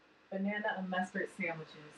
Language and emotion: English, neutral